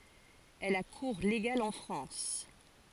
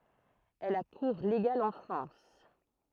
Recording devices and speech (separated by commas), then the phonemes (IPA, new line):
forehead accelerometer, throat microphone, read sentence
ɛl a kuʁ leɡal ɑ̃ fʁɑ̃s